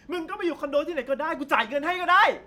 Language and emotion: Thai, angry